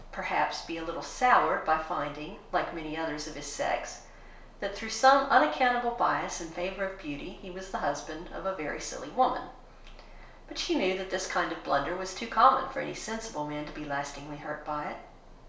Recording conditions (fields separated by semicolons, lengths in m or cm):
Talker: one person; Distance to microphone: 1.0 m; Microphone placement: close; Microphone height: 1.1 m; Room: small (3.7 m by 2.7 m); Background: none